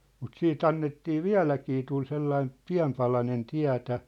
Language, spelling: Finnish, mutta sitten annettiin vieläkin tuli sellainen pieni palanen tietä
- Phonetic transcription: mut 'sii"t ‿annettii "viä̭läkii tul 'sellaim̳ , "piä̭m palanen "tiä̭tä .

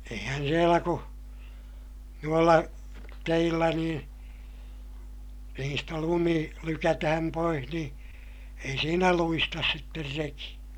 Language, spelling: Finnish, eihän siellä kun noilla teillä niin niistä lumi lykätään pois niin ei siinä luista sitten reki
- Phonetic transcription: eihän sielä ku , nuolla , teillä niin , niistä lumi , lykätähäm poih niḭ , ei siinä luistas sitter reki .

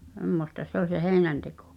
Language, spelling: Finnish, semmoista se oli se heinänteko
- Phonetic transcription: 'h̳emmosta se ‿ol se "hèi̬nänteko .

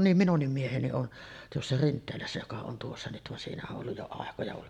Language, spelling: Finnish, niin minunkin mieheni on tuossa Rinteelässä joka on tuossa nyt vaan siinä on ollut jo aikoja vaan
- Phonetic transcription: nim "minunnim 'mieheni on , tuossa "Rint̆teelässä joka on 'tuossa nyt van siinä o’ ’olluj jo 'àekoja van ,.

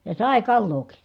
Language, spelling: Finnish, ja sai kalaakin
- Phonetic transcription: ja sàe kallooki .

